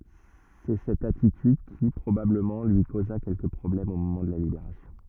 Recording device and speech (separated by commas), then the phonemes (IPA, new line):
rigid in-ear microphone, read sentence
sɛ sɛt atityd ki pʁobabləmɑ̃ lyi koza kɛlkə pʁɔblɛmz o momɑ̃ də la libeʁasjɔ̃